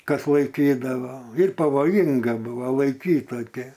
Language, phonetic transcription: Lithuanian, ˈkas laiˈkydavo ir pavoˈjinga ˈbuvo laiˈkyt toˈkį

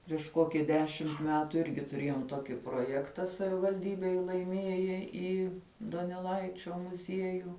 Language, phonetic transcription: Lithuanian, prieš ˈkoki ˈdešimt ˈmetu ˈirgi tuˈrėjom ˈtoki proˈjekta savivalˈdybėj laiˈmieja į doneˈlaičio muˈziejų

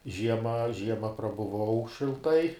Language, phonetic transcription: Lithuanian, ˈžiema ˈžiema prabuˈvau šilˈtai

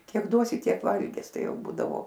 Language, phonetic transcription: Lithuanian, ˈkiek ˈduosi ˈtiek ˈvalgis ˈtai ˈjau ˈbūdavo

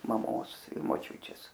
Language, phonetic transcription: Lithuanian, maˈmos i moˈčiučės

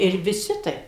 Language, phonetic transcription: Lithuanian, ir viˈsi ˈtaip

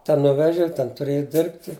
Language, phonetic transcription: Lithuanian, ˈten ˈnuveži ˈten tuˈrėji ˈdirbti

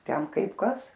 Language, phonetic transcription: Lithuanian, ˈten ˈkaip ˈkas

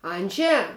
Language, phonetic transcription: Lithuanian, ˈandže

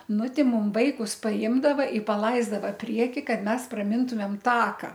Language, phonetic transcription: Lithuanian, ˈnu ˈti ˈmum ˈvaikus paˈimdava i paˈlaizdava ˈprieki ˈkad ˈmes praˈmintumėm ˈtaka

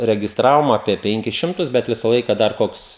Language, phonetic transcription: Lithuanian, regisˈtravom apie ˈpenkis ˈšimtus bet ˈvisa ˈlaiką dar ˈkoks

